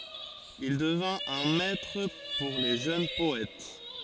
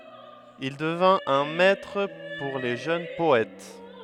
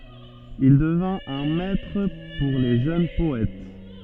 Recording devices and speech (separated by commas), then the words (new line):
forehead accelerometer, headset microphone, soft in-ear microphone, read sentence
Il devint un maître pour les jeunes poètes.